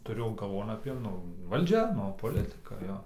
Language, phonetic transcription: Lithuanian, tuˈriu galˈvon apie ˈnu valˈdžia ˈnu poˈlitɨka ˈjo

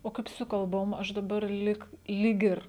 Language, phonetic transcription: Lithuanian, o ˈkaip su kalˈbom ˈaš daˈbar ˈlyg lyg ˈir

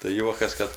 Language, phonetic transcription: Lithuanian, tai ˈjuokas ˈkad

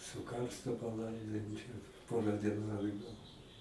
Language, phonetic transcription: Lithuanian, su ˈkarstu paˈlaidojom čia ˈpora dieˈnu atˈgal

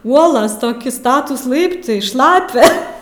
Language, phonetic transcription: Lithuanian, ˈuolos toˈki ˈstatūs ˈlaiptai ˈšlapia

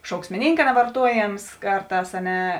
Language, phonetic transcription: Lithuanian, šauksmiˈnynka nevarˈtuoˌjėms ˈkarˌtās a ˈne

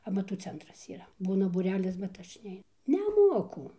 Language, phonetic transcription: Lithuanian, amaˈtų ˈcentras yˈra ˈbūna būˈrelis bet ˈaš ˈnei neˈmuoku

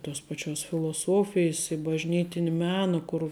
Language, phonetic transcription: Lithuanian, tos paˈčios filoˈsofijs i bažˈnytini ˈmena kur

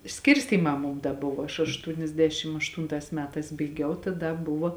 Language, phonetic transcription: Lithuanian, ˈskirstymā ˈmum da ˈbuvo aš aštūniasˈdešim ašˈtūntās ˈmetās baiˈgiau ta ˈda ˈbuvo

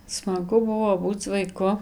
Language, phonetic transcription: Lithuanian, smaˈgu ˈbuvo ˈbūc vaiˈku

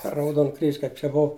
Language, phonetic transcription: Lithuanian, per rauˈdon kryž' kaip čia ˈbov

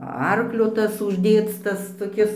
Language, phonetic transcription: Lithuanian, ˈarklio ˈtas užˈdėc ˈtas toˈkis

